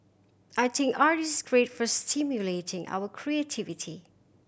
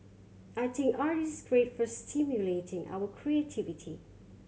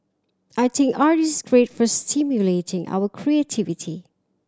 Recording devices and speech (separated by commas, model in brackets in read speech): boundary microphone (BM630), mobile phone (Samsung C7100), standing microphone (AKG C214), read sentence